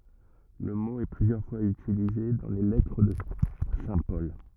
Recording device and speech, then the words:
rigid in-ear microphone, read sentence
Le mot est plusieurs fois utilisé dans les lettres de saint Paul.

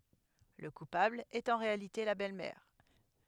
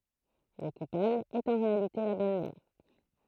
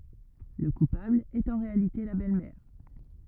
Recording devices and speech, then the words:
headset microphone, throat microphone, rigid in-ear microphone, read sentence
Le coupable est en réalité la belle-mère.

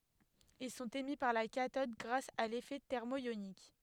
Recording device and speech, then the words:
headset microphone, read sentence
Ils sont émis par la cathode grâce à l'effet thermoïonique.

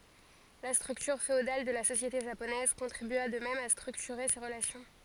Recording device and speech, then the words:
forehead accelerometer, read sentence
La structure féodale de la société japonaise contribua de même à structurer ces relations.

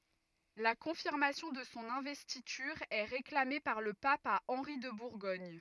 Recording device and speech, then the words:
rigid in-ear microphone, read sentence
La confirmation de son investiture est réclamée par le pape à Henri de Bourgogne.

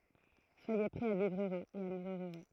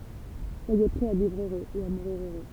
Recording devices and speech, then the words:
throat microphone, temple vibration pickup, read sentence
Soyez prêts à vivre heureux et à mourir heureux.

